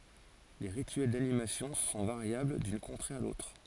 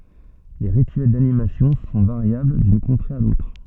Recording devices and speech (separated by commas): forehead accelerometer, soft in-ear microphone, read sentence